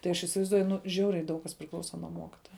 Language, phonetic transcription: Lithuanian, tai ˈaš isivaizˈduoju ˈnu ˈžiauriai ˈdaug kas priˈklausa nuo ˈmokitoja

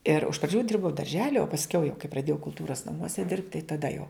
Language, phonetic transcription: Lithuanian, ir iš praˈdžių ˈdirbau darˈželi o pasˈkiau jau kai praˈdėjau kulˈtūras naˈmuose dirbt tai taˈda jau

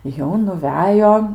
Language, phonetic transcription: Lithuanian, jau nuˈvejo

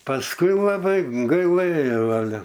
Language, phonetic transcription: Lithuanian, pasˈkui laˈbai gaiˈlɘjau aˈle

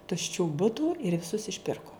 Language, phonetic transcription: Lithuanian, tušˈčių ˈbutų ir viˈsus išˈpirko

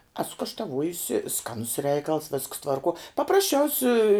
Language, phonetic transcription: Lithuanian, ˈesu kaštaˈvuojusi ˈskanus ˈreikals visks tvarˈkuo paprasˈčiausi

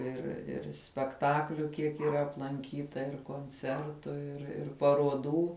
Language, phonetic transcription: Lithuanian, ir ir spekˈtakliu ˈkiek yˈra aplanˈkyta ir konˈcertu ir ˈir paruoˈdų

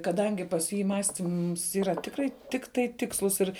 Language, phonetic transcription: Lithuanian, kaˈdangi pas ˈjį ˈmąstyms ˈyra ˈtikrai ˈtiktai ˈtikslus ir

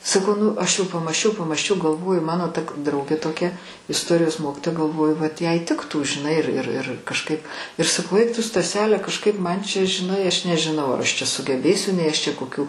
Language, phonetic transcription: Lithuanian, saˈkau ˈnu ˈaš jau pamąsˈčiau pamąsˈčiau galˈvoju ˈmano ˈta k ˈdraugė toˈkia isˈtorijos ˈmokitoja galˈvoju vat ˈjai ˈtiktų žiˈnai ir ir ir kažˈkaip ir saˈkau ˈeik ˈtu staˈsele kažˈkaip ˈman čia žiˈnai ˈaš nežiˈnau ar ˈaš čia sugeˈbėsiu nei ˈčia koˈkių

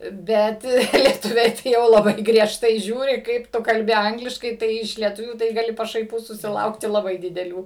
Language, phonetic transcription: Lithuanian, ˈbet lieˈtuviai tai jau laˈbai griežˈtai ˈžiūri ˈkaip ˈtu kalˈbi ˈangliškai ˈtai iš lieˈtuvių tai gaˈli pašaiˈpų susiˈlaukti laˈbai dideˈlių

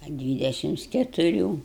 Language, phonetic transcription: Lithuanian, a ˈdvydešims ketuˈrių

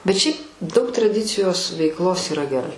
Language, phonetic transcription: Lithuanian, bet ˈšiaip ˈdaug traˈdicijos veikˈlos yˈra geˈrai

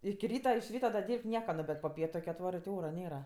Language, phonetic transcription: Lithuanian, iki ˈryta iš ˈryta da ˈdyrb't' ˈnieka no bet po ˈpietu kɜ atˈvarɜ ti ˈora ˈnėra

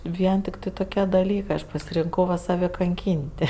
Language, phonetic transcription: Lithuanian, ˈvien ˈtiktɜ toˈkie daˈlykɜ ˈaš pasirinˈkau va saˈve kanˈkyn't'

